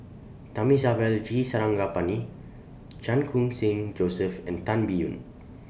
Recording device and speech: boundary microphone (BM630), read sentence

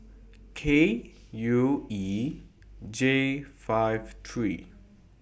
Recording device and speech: boundary microphone (BM630), read sentence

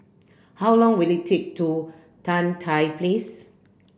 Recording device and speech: boundary microphone (BM630), read sentence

